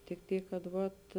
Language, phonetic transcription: Lithuanian, tik ˈtyk kad ˈvat

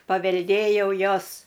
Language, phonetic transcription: Lithuanian, pavelˈdėjau ˈjos

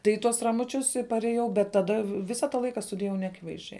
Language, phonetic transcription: Lithuanian, tai i ˈtuos ramuˈčius i parėˈjau bet taˈda ˈvisa ta ˈlaika studijaˈvau neaˈkivaizˌdžiai

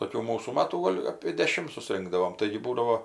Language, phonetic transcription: Lithuanian, toˈkių ˈmūsų ˈmatų ˈgol' apė deˈšim suˈsrinkdavom ˈtaigi ˈbūdavo

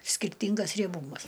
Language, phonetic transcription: Lithuanian, skirˈtyngas rieˈbūmas

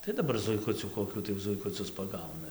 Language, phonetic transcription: Lithuanian, tai daˈbar zuiˈkucių koˈkių tai zuikuˈcius paˈgauna

